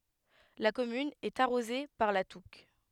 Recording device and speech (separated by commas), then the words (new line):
headset microphone, read sentence
La commune est arrosée par la Touques.